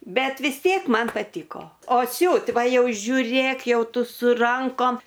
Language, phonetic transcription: Lithuanian, ˈbet vis ˈtiek ˈman paˈtyko o ˈsiūt' ˈva ˈjau žiuˈrėk ˈjau ˈtu su ˈrankom

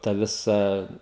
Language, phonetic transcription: Lithuanian, ˈta ˈvisa

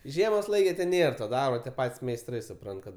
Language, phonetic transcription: Lithuanian, ˈžiemos ˈlaike ten ˈnėr to ˈdarbo tie ˈpat's' meisˈtrai suˈprant kad

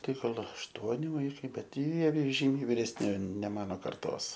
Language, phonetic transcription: Lithuanian, ˈtai ˈgal ašˈtuoni ˈvaikai ˈbet ˈjie ˈžymiai vyresˈni ne ˈmano ˈkartos

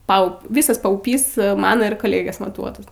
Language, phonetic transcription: Lithuanian, ˈpau ˈvysas pauˈpys ˈmano ir koˈlėgės maˈtuotas

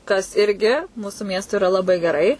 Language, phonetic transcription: Lithuanian, kas ˈirgi ˈmūsu ˈmiestui iˈra laˈbai geˈrai

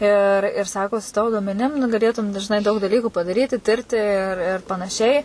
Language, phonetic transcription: Lithuanian, ir ir ˈsako su ˈtavo duomeˈnim nu gaˈlėtum žiˈnai daug daˈlykų padaˈryti ˈtirti ir ˈir panaˈšiai

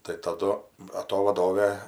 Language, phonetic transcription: Lithuanian, tai taˈdu ba ˈto vaˈdovė

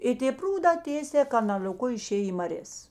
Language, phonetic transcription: Lithuanian, ˈi tė ˈprūdā ˈtėsē kanal'oˈku iˈšėj į maˈrės

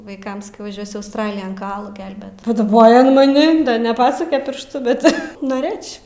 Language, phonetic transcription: Lithuanian, vaiˈkam saˈkiau vaˈžiuosiu ausˈtralijan kaˈalų ˈgelbėt paˈdabojo an maˈni neˈpasuke ˈpirštu ˈbet noˈrɘč'

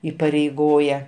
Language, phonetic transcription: Lithuanian, įpareiˈgoja

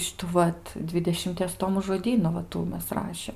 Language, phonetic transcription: Lithuanian, ˈšitų ˈvat ˈdvidešimties ˈtomu žoˈdynu va ˈtų ˈmes ˈrašėm

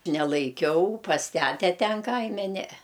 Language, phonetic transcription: Lithuanian, nelaiˈkiau pas ˈtæte ˈten ˈkaime ˈnee

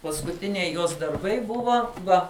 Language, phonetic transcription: Lithuanian, paskuˈtiniai ˈjos darˈbai ˈbuva ˈva

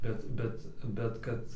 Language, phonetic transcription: Lithuanian, ˈbet ˈbet ˈbet kad

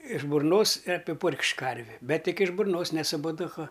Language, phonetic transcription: Lithuanian, iš burˈnos i apiˈpurk'š'k' ˈkarvi ˈbet ˈtik iš burˈnos ne su poduˈku

